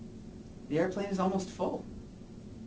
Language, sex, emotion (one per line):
English
male
neutral